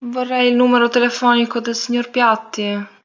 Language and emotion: Italian, sad